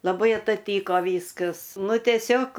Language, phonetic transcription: Lithuanian, laˈbai ataˈtyko ˈvyskas ˈnu tieˈsiog

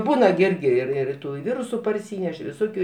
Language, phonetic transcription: Lithuanian, ˈbūna gi ˈirgi ˈir ir ˈtų i ˈvyrusu parˈsyneš viˈsokiu

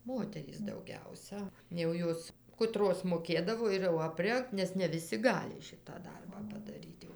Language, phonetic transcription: Lithuanian, ˈmoterys dauˈgiausa jau ˈjos kuˈtros moˈkėdavo ir jau apˈrengt ˈnes ne viˈsi ˈgali ˈšitą ˈdarbą padaˈryt jau

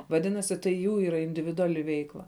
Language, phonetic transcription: Lithuanian, vaˈdinasi tai ˈjų ˈyra individuˈali ˈveikla

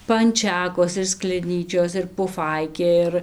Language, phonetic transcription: Lithuanian, panˈčekos ir skleˈnyčios ir puˈfaikė ˈir

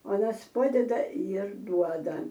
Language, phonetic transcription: Lithuanian, ˈuonas ˈpadeda ir ˈduoda

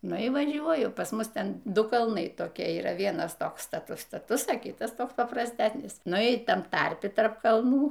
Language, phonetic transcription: Lithuanian, ˈnu y vaˈžiuoju pas ˈmus ˈten ˈdu kalˈnai toˈkie yˈra ˈvienas ˈtoks staˈtus staˈtus a ˈkytas ˈtoks paprasˈtæsnis ˈnu y ˈtam ˈtarpi ˈtarp kalˈnų

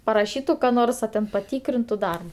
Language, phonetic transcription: Lithuanian, paraˈšytu ka ˈnors a ten paˈtykrintu ˈdarba

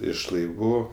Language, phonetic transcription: Lithuanian, iš laiˈvų

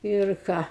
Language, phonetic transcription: Lithuanian, ir ˈką

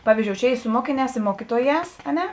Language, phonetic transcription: Lithuanian, ˈpavyzˌdžiou ˈčia ˈy su ˈmokiˌnēs i ˈmokituoˌjēs a ˈne

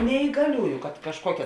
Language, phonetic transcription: Lithuanian, neįgaˈliųju kad kažˈkuokia

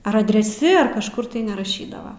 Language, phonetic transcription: Lithuanian, ar adreˈsi ar kažˈkur tai neraˈšydava

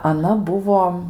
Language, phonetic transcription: Lithuanian, aˈna ˈbuvo

